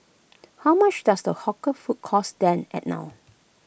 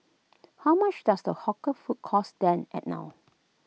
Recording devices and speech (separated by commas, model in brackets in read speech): boundary microphone (BM630), mobile phone (iPhone 6), read sentence